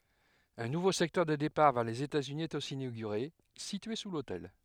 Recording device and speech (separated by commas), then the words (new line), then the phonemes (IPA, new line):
headset microphone, read sentence
Un nouveau secteur des départs vers les États-Unis est aussi inauguré, situé sous l'hôtel.
œ̃ nuvo sɛktœʁ de depaʁ vɛʁ lez etatsyni ɛt osi inoɡyʁe sitye su lotɛl